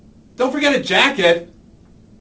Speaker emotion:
disgusted